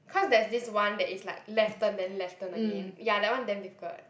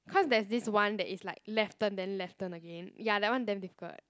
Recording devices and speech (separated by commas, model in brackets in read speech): boundary microphone, close-talking microphone, conversation in the same room